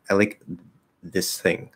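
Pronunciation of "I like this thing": In 'this thing', the th of 'thing' is not fully pronounced. The sound slides just a little towards the th, and that tiny shift makes it clear the th is there.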